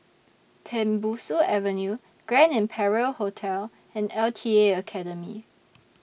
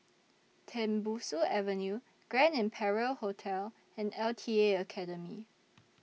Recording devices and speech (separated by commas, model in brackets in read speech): boundary microphone (BM630), mobile phone (iPhone 6), read sentence